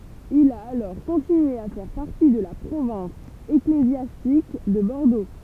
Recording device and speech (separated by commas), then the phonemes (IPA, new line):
temple vibration pickup, read sentence
il a alɔʁ kɔ̃tinye a fɛʁ paʁti də la pʁovɛ̃s eklezjastik də bɔʁdo